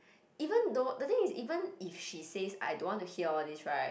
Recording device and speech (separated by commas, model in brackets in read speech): boundary microphone, conversation in the same room